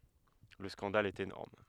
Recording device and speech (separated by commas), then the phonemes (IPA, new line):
headset microphone, read sentence
lə skɑ̃dal ɛt enɔʁm